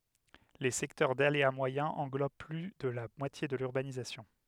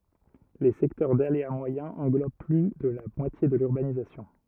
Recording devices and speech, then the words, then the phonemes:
headset microphone, rigid in-ear microphone, read sentence
Les secteurs d’aléa moyen englobent plus de la moitié de l’urbanisation.
le sɛktœʁ dalea mwajɛ̃ ɑ̃ɡlob ply də la mwatje də lyʁbanizasjɔ̃

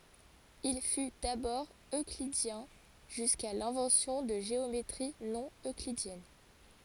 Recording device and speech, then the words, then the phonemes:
forehead accelerometer, read sentence
Il fut d'abord euclidien jusqu'à l'invention de géométries non-euclidiennes.
il fy dabɔʁ øklidjɛ̃ ʒyska lɛ̃vɑ̃sjɔ̃ də ʒeometʁi nonøklidjɛn

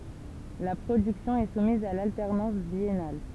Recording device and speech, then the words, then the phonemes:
temple vibration pickup, read sentence
La production est soumise à l’alternance biennale.
la pʁodyksjɔ̃ ɛ sumiz a laltɛʁnɑ̃s bjɛnal

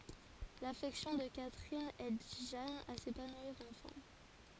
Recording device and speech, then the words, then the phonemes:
forehead accelerometer, read sentence
L’affection de Catherine aide Jeanne à s'épanouir enfin.
lafɛksjɔ̃ də katʁin ɛd ʒan a sepanwiʁ ɑ̃fɛ̃

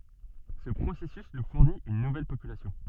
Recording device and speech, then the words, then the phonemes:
soft in-ear microphone, read sentence
Ce processus nous fournit une nouvelle population.
sə pʁosɛsys nu fuʁnit yn nuvɛl popylasjɔ̃

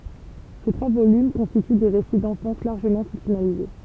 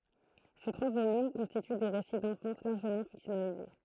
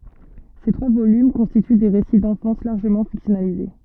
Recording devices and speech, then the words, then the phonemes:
temple vibration pickup, throat microphone, soft in-ear microphone, read sentence
Ces trois volumes constituent des récits d'enfance largement fictionnalisés.
se tʁwa volym kɔ̃stity de ʁesi dɑ̃fɑ̃s laʁʒəmɑ̃ fiksjɔnalize

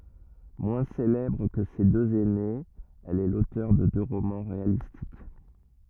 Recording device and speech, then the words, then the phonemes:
rigid in-ear microphone, read sentence
Moins célèbre que ses deux aînées, elle est l'auteur de deux romans réalistiques.
mwɛ̃ selɛbʁ kə se døz ɛnez ɛl ɛ lotœʁ də dø ʁomɑ̃ ʁealistik

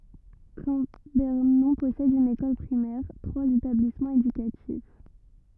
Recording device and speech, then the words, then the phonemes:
rigid in-ear microphone, read sentence
Cambernon possède une école primaire, trois établissements éducatifs.
kɑ̃bɛʁnɔ̃ pɔsɛd yn ekɔl pʁimɛʁ tʁwaz etablismɑ̃z edykatif

